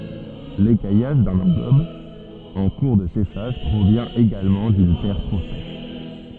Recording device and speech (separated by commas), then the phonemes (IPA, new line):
soft in-ear microphone, read sentence
lekajaʒ dœ̃n ɑ̃ɡɔb ɑ̃ kuʁ də seʃaʒ pʁovjɛ̃ eɡalmɑ̃ dyn tɛʁ tʁo sɛʃ